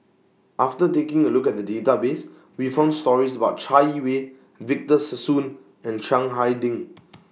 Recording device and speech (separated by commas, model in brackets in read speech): mobile phone (iPhone 6), read sentence